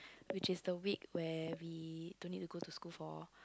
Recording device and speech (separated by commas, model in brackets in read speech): close-talking microphone, conversation in the same room